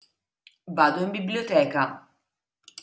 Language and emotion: Italian, neutral